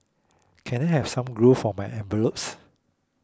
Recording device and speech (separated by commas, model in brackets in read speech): close-talking microphone (WH20), read sentence